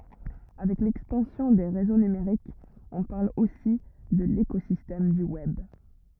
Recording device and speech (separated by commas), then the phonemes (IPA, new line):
rigid in-ear microphone, read sentence
avɛk lɛkspɑ̃sjɔ̃ de ʁezo nymeʁikz ɔ̃ paʁl osi də lekozistɛm dy wɛb